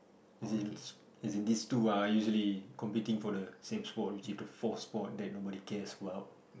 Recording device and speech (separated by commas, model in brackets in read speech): boundary microphone, conversation in the same room